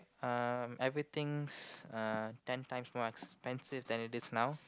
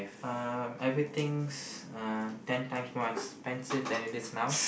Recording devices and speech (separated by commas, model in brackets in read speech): close-talking microphone, boundary microphone, conversation in the same room